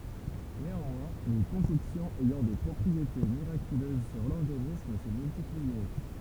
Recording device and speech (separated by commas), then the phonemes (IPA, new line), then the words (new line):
temple vibration pickup, read sentence
neɑ̃mwɛ̃ le kɔ̃kɔksjɔ̃z ɛjɑ̃ de pʁɔpʁiete miʁakyløz syʁ lɔʁɡanism sə myltipliɛ
Néanmoins, les concoctions ayant des propriétés miraculeuses sur l'organisme se multipliaient.